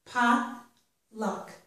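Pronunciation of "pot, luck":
In 'potluck', both syllables are stressed. This is the standard dictionary pronunciation, not the one that stresses only the first syllable.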